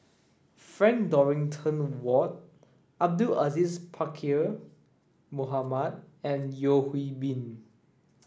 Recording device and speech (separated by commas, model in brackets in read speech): standing microphone (AKG C214), read sentence